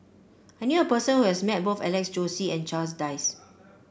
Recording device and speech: boundary microphone (BM630), read sentence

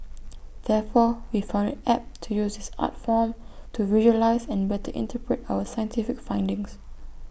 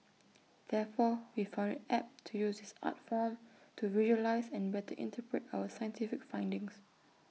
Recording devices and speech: boundary microphone (BM630), mobile phone (iPhone 6), read sentence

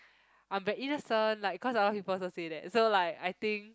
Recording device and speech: close-talking microphone, conversation in the same room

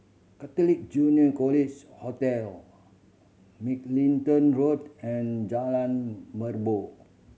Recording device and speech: mobile phone (Samsung C7100), read sentence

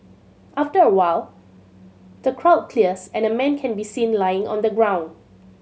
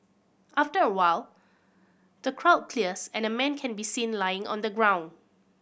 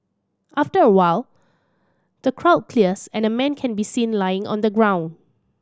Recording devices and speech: mobile phone (Samsung C7100), boundary microphone (BM630), standing microphone (AKG C214), read sentence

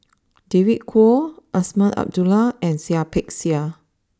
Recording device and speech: standing microphone (AKG C214), read sentence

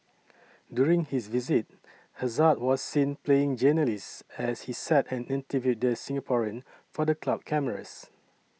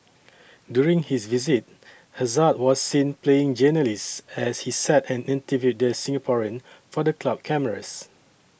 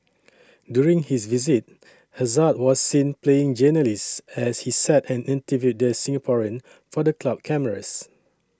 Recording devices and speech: mobile phone (iPhone 6), boundary microphone (BM630), standing microphone (AKG C214), read sentence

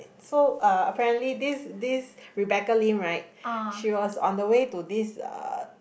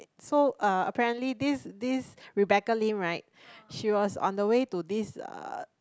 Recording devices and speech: boundary microphone, close-talking microphone, conversation in the same room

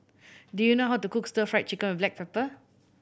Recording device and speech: boundary microphone (BM630), read sentence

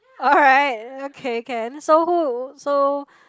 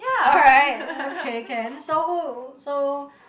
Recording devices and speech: close-talking microphone, boundary microphone, conversation in the same room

